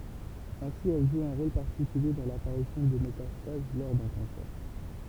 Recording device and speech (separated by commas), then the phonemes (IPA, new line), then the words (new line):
temple vibration pickup, read sentence
ɛ̃si ɛl ʒu œ̃ ʁol paʁtikylje dɑ̃ lapaʁisjɔ̃ də metastaz lɔʁ dœ̃ kɑ̃sɛʁ
Ainsi, elle joue un rôle particulier dans l'apparition de métastases lors d'un cancer.